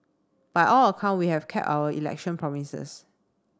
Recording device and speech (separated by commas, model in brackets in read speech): standing microphone (AKG C214), read sentence